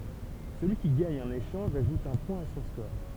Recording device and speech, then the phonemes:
temple vibration pickup, read sentence
səlyi ki ɡaɲ œ̃n eʃɑ̃ʒ aʒut œ̃ pwɛ̃ a sɔ̃ skɔʁ

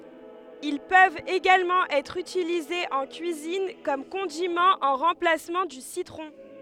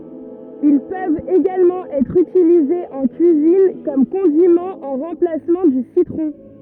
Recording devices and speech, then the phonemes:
headset microphone, rigid in-ear microphone, read sentence
il pøvt eɡalmɑ̃ ɛtʁ ytilizez ɑ̃ kyizin u kɔm kɔ̃dimɑ̃ ɑ̃ ʁɑ̃plasmɑ̃ dy sitʁɔ̃

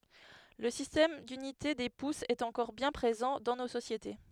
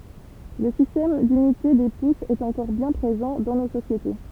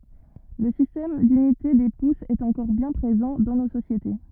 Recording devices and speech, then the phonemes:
headset microphone, temple vibration pickup, rigid in-ear microphone, read sentence
lə sistɛm dynite de pusz ɛt ɑ̃kɔʁ bjɛ̃ pʁezɑ̃ dɑ̃ no sosjete

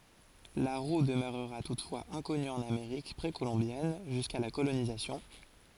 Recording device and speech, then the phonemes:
forehead accelerometer, read sentence
la ʁu dəmøʁʁa tutfwaz ɛ̃kɔny ɑ̃n ameʁik pʁekolɔ̃bjɛn ʒyska la kolonizasjɔ̃

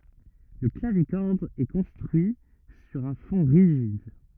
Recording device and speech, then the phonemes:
rigid in-ear microphone, read sentence
lə klavikɔʁd ɛ kɔ̃stʁyi syʁ œ̃ fɔ̃ ʁiʒid

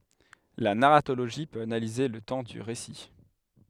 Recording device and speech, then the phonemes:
headset microphone, read sentence
la naʁatoloʒi pøt analize lə tɑ̃ dy ʁesi

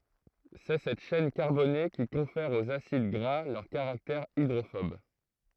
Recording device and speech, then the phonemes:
throat microphone, read sentence
sɛ sɛt ʃɛn kaʁbone ki kɔ̃fɛʁ oz asid ɡʁa lœʁ kaʁaktɛʁ idʁofɔb

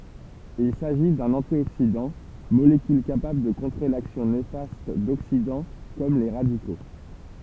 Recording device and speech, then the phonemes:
temple vibration pickup, read sentence
il saʒi dœ̃n ɑ̃tjoksidɑ̃ molekyl kapabl də kɔ̃tʁe laksjɔ̃ nefast doksidɑ̃ kɔm le ʁadiko

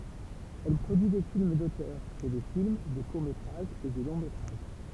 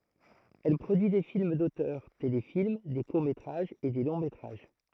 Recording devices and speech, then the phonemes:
temple vibration pickup, throat microphone, read sentence
ɛl pʁodyi de film dotœʁ telefilm de kuʁ metʁaʒz e de lɔ̃ metʁaʒ

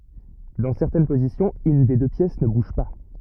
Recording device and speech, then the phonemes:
rigid in-ear microphone, read sentence
dɑ̃ sɛʁtɛn pozisjɔ̃z yn de dø pjɛs nə buʒ pa

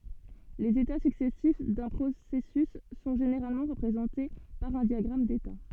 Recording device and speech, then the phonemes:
soft in-ear microphone, read sentence
lez eta syksɛsif dœ̃ pʁosɛsys sɔ̃ ʒeneʁalmɑ̃ ʁəpʁezɑ̃te paʁ œ̃ djaɡʁam deta

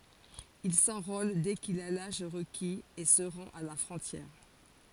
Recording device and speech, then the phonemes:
forehead accelerometer, read sentence
il sɑ̃ʁol dɛ kil a laʒ ʁəkiz e sə ʁɑ̃t a la fʁɔ̃tjɛʁ

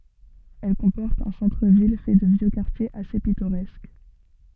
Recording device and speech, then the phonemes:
soft in-ear microphone, read sentence
ɛl kɔ̃pɔʁt œ̃ sɑ̃tʁ vil fɛ də vjø kaʁtjez ase pitoʁɛsk

